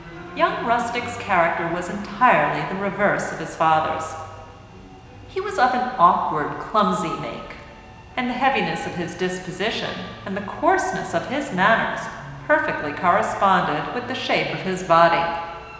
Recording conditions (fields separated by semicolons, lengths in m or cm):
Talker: one person; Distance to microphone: 1.7 m; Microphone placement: close; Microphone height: 1.0 m; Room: very reverberant, large; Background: music